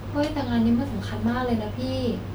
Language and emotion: Thai, frustrated